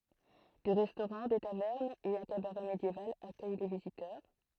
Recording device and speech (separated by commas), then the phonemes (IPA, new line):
throat microphone, read sentence
de ʁɛstoʁɑ̃ de tavɛʁnz e œ̃ kabaʁɛ medjeval akœj le vizitœʁ